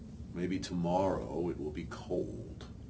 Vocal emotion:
neutral